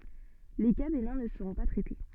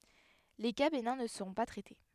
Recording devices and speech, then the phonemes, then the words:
soft in-ear microphone, headset microphone, read sentence
le ka benɛ̃ nə səʁɔ̃ pa tʁɛte
Les cas bénins ne seront pas traités.

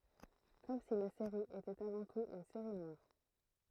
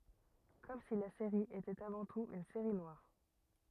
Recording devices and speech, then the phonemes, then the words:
throat microphone, rigid in-ear microphone, read sentence
kɔm si la seʁi etɛt avɑ̃ tut yn seʁi nwaʁ
Comme si la série était avant tout une série noire.

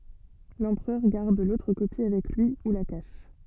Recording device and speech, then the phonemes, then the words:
soft in-ear microphone, read sentence
lɑ̃pʁœʁ ɡaʁd lotʁ kopi avɛk lyi u la kaʃ
L'empereur garde l'autre copie avec lui ou la cache.

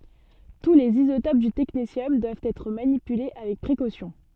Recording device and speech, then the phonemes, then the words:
soft in-ear microphone, read sentence
tu lez izotop dy tɛknesjɔm dwavt ɛtʁ manipyle avɛk pʁekosjɔ̃
Tous les isotopes du technétium doivent être manipulés avec précaution.

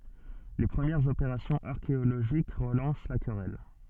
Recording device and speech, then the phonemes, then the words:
soft in-ear microphone, read sentence
le pʁəmjɛʁz opeʁasjɔ̃z aʁkeoloʒik ʁəlɑ̃s la kʁɛl
Les premières opérations archéologiques relancent la querelle.

